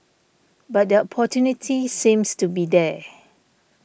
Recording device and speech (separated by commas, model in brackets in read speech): boundary microphone (BM630), read sentence